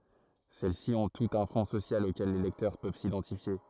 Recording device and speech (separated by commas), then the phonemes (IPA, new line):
throat microphone, read sentence
sɛlɛsi ɔ̃ tutz œ̃ fɔ̃ sosjal okɛl le lɛktœʁ pøv sidɑ̃tifje